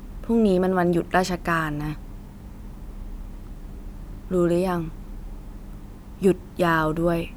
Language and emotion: Thai, frustrated